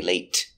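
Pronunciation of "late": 'late' is pronounced incorrectly here.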